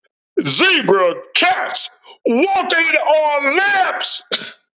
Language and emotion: English, disgusted